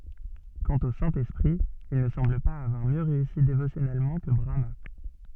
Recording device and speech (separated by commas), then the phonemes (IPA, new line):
soft in-ear microphone, read sentence
kɑ̃t o sɛ̃ ɛspʁi il nə sɑ̃bl paz avwaʁ mjø ʁeysi devosjɔnɛlmɑ̃ kə bʁama